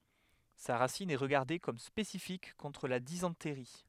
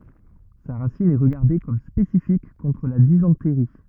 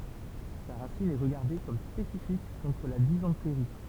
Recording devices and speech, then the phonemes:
headset microphone, rigid in-ear microphone, temple vibration pickup, read sentence
sa ʁasin ɛ ʁəɡaʁde kɔm spesifik kɔ̃tʁ la dizɑ̃tʁi

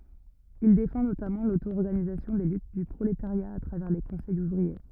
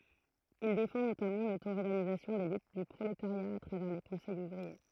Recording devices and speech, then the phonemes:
rigid in-ear microphone, throat microphone, read sentence
il defɑ̃ notamɑ̃ lotoɔʁɡanizasjɔ̃ de lyt dy pʁoletaʁja a tʁavɛʁ le kɔ̃sɛjz uvʁie

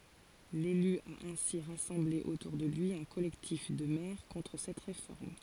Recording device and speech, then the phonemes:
forehead accelerometer, read sentence
lely a ɛ̃si ʁasɑ̃ble otuʁ də lyi œ̃ kɔlɛktif də mɛʁ kɔ̃tʁ sɛt ʁefɔʁm

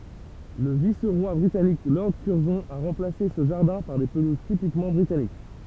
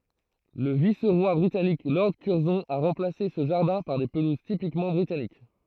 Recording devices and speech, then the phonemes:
temple vibration pickup, throat microphone, read sentence
lə vis ʁwa bʁitanik lɔʁd kyʁzɔ̃ a ʁɑ̃plase sə ʒaʁdɛ̃ paʁ de pəluz tipikmɑ̃ bʁitanik

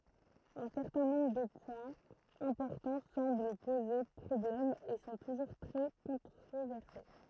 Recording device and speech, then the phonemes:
throat microphone, read sentence
œ̃ sɛʁtɛ̃ nɔ̃bʁ də pwɛ̃z ɛ̃pɔʁtɑ̃ sɑ̃bl poze pʁɔblɛm e sɔ̃ tuʒuʁ tʁɛ kɔ̃tʁovɛʁse

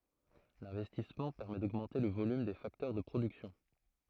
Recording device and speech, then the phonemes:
throat microphone, read sentence
lɛ̃vɛstismɑ̃ pɛʁmɛ doɡmɑ̃te lə volym de faktœʁ də pʁodyksjɔ̃

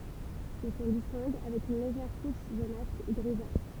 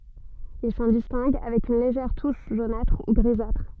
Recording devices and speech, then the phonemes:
temple vibration pickup, soft in-ear microphone, read sentence
il sɑ̃ distɛ̃ɡ avɛk yn leʒɛʁ tuʃ ʒonatʁ u ɡʁizatʁ

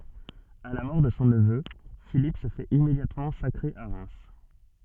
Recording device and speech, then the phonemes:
soft in-ear microphone, read sentence
a la mɔʁ də sɔ̃ nəvø filip sə fɛt immedjatmɑ̃ sakʁe a ʁɛm

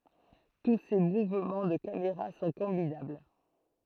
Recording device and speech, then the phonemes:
throat microphone, read sentence
tu se muvmɑ̃ də kameʁa sɔ̃ kɔ̃binabl

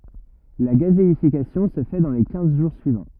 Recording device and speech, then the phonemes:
rigid in-ear microphone, read sentence
la ɡazeifikasjɔ̃ sə fɛ dɑ̃ le kɛ̃z ʒuʁ syivɑ̃

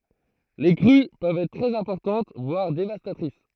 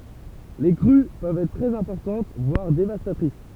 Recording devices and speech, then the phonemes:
throat microphone, temple vibration pickup, read sentence
le kʁy pøvt ɛtʁ tʁɛz ɛ̃pɔʁtɑ̃t vwaʁ devastatʁis

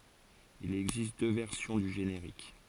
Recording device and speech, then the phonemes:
forehead accelerometer, read sentence
il ɛɡzist dø vɛʁsjɔ̃ dy ʒeneʁik

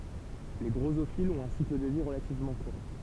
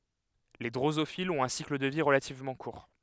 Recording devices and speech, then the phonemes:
temple vibration pickup, headset microphone, read sentence
le dʁozofilz ɔ̃t œ̃ sikl də vi ʁəlativmɑ̃ kuʁ

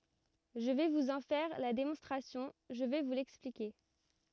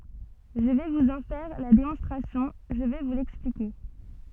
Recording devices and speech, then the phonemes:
rigid in-ear microphone, soft in-ear microphone, read sentence
ʒə vɛ vuz ɑ̃ fɛʁ la demɔ̃stʁasjɔ̃ ʒə vɛ vu lɛksplike

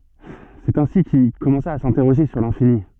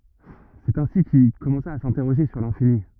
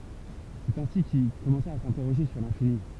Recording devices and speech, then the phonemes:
soft in-ear microphone, rigid in-ear microphone, temple vibration pickup, read sentence
sɛt ɛ̃si kil kɔmɑ̃sa a sɛ̃tɛʁoʒe syʁ lɛ̃fini

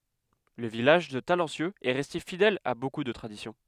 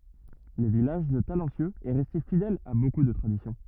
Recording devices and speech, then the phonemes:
headset microphone, rigid in-ear microphone, read sentence
lə vilaʒ də talɑ̃sjøz ɛ ʁɛste fidɛl a boku də tʁadisjɔ̃

